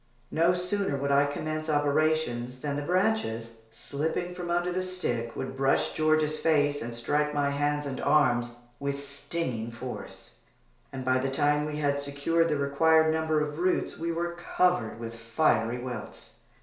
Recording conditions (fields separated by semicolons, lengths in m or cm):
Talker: one person; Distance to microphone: 1.0 m; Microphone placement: close; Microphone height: 1.1 m; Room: small (3.7 m by 2.7 m); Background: none